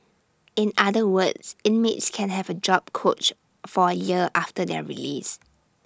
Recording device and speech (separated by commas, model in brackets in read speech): standing microphone (AKG C214), read sentence